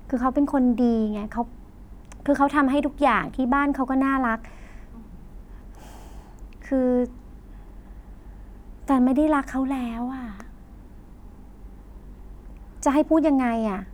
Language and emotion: Thai, frustrated